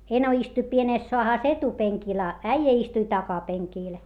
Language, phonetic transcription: Finnish, eno istuⁱ pienès soahàs etupeŋkil a , äijä istui takapeŋkiil .
- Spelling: eno istui pienessä saahassa etupenkillä a äijä istui takapenkillä

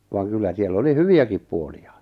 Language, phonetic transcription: Finnish, vaaŋ 'kyllä siel'l ‿oli "hyvi₍äkip 'puolija .
- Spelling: vaan kyllä siellä oli hyviäkin puolia

